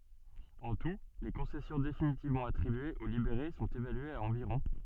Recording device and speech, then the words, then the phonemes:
soft in-ear microphone, read sentence
En tout, les concessions définitivement attribuées aux libérés sont évaluées à environ.
ɑ̃ tu le kɔ̃sɛsjɔ̃ definitivmɑ̃ atʁibyez o libeʁe sɔ̃t evalyez a ɑ̃viʁɔ̃

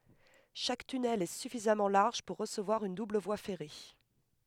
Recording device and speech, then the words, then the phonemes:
headset microphone, read sentence
Chaque tunnel est suffisamment large pour recevoir une double voie ferrée.
ʃak tynɛl ɛ syfizamɑ̃ laʁʒ puʁ ʁəsəvwaʁ yn dubl vwa fɛʁe

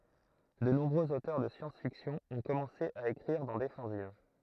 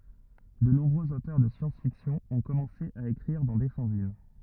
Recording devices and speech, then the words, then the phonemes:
throat microphone, rigid in-ear microphone, read sentence
De nombreux auteurs de science-fiction ont commencé à écrire dans des fanzines.
də nɔ̃bʁøz otœʁ də sjɑ̃sfiksjɔ̃ ɔ̃ kɔmɑ̃se a ekʁiʁ dɑ̃ de fɑ̃zin

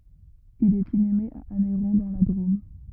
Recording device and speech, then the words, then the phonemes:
rigid in-ear microphone, read sentence
Il est inhumé à Anneyron dans la Drôme.
il ɛt inyme a anɛʁɔ̃ dɑ̃ la dʁom

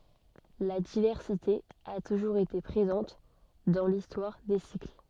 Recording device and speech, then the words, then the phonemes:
soft in-ear microphone, read sentence
La diversité a toujours été présente dans l'histoire des cycles.
la divɛʁsite a tuʒuʁz ete pʁezɑ̃t dɑ̃ listwaʁ de sikl

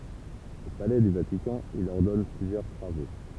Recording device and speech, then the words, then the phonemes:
temple vibration pickup, read sentence
Au palais du Vatican, il ordonne plusieurs travaux.
o palɛ dy vatikɑ̃ il ɔʁdɔn plyzjœʁ tʁavo

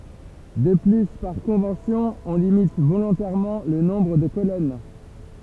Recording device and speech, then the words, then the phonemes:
temple vibration pickup, read sentence
De plus par convention on limite volontairement le nombre de colonnes.
də ply paʁ kɔ̃vɑ̃sjɔ̃ ɔ̃ limit volɔ̃tɛʁmɑ̃ lə nɔ̃bʁ də kolɔn

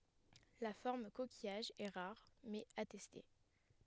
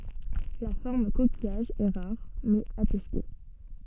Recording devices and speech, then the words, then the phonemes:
headset microphone, soft in-ear microphone, read sentence
La forme coquillage est rare, mais attestée.
la fɔʁm kokijaʒ ɛ ʁaʁ mɛz atɛste

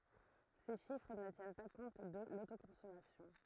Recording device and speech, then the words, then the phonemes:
throat microphone, read sentence
Ces chiffres ne tiennent pas compte de l'autoconsommation.
se ʃifʁ nə tjɛn pa kɔ̃t də lotokɔ̃sɔmasjɔ̃

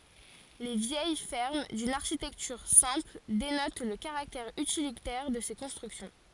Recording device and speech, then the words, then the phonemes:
forehead accelerometer, read sentence
Les vieilles fermes, d'une architecture simple, dénotent le caractère utilitaire de ces constructions.
le vjɛj fɛʁm dyn aʁʃitɛktyʁ sɛ̃pl denot lə kaʁaktɛʁ ytilitɛʁ də se kɔ̃stʁyksjɔ̃

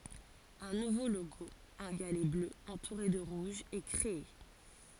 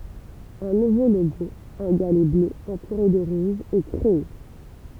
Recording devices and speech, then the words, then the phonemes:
forehead accelerometer, temple vibration pickup, read sentence
Un nouveau logo, un galet bleu entouré de rouge, est créé.
œ̃ nuvo loɡo œ̃ ɡalɛ blø ɑ̃tuʁe də ʁuʒ ɛ kʁee

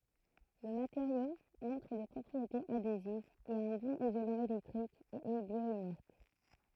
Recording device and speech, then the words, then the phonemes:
throat microphone, read sentence
Le matériau montre des propriétés adhésives, est un bon isolant électrique et est bio-inerte.
lə mateʁjo mɔ̃tʁ de pʁɔpʁietez adezivz ɛt œ̃ bɔ̃n izolɑ̃ elɛktʁik e ɛ bjwanɛʁt

